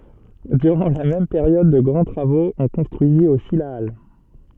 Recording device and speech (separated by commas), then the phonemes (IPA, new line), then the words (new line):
soft in-ear microphone, read sentence
dyʁɑ̃ la mɛm peʁjɔd də ɡʁɑ̃ tʁavoz ɔ̃ kɔ̃stʁyizit osi la al
Durant la même période de grands travaux, on construisit aussi la halle.